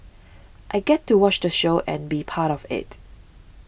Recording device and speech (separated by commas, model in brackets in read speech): boundary microphone (BM630), read sentence